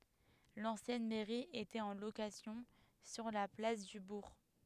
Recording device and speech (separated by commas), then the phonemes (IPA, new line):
headset microphone, read sentence
lɑ̃sjɛn mɛʁi etɛt ɑ̃ lokasjɔ̃ syʁ la plas dy buʁ